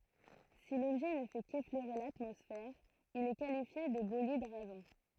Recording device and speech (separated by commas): throat microphone, read sentence